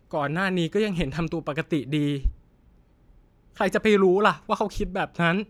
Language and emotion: Thai, sad